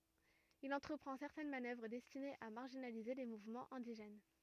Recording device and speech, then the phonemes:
rigid in-ear microphone, read sentence
il ɑ̃tʁəpʁɑ̃ sɛʁtɛn manœvʁ dɛstinez a maʁʒinalize le muvmɑ̃z ɛ̃diʒɛn

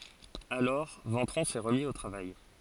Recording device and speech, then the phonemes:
forehead accelerometer, read sentence
alɔʁ vɑ̃tʁɔ̃ sɛ ʁəmi o tʁavaj

